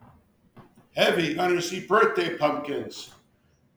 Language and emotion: English, sad